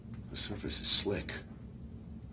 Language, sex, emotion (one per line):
English
male
fearful